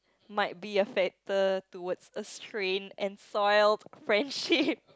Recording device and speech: close-talking microphone, conversation in the same room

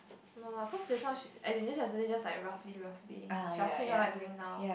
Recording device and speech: boundary microphone, conversation in the same room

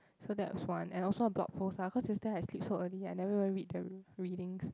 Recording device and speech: close-talking microphone, conversation in the same room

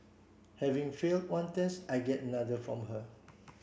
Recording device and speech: boundary microphone (BM630), read sentence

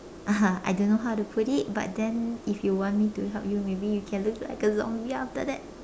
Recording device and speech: standing microphone, conversation in separate rooms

